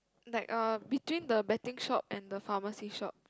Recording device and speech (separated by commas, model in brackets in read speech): close-talking microphone, conversation in the same room